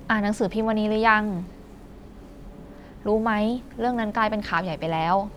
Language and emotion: Thai, neutral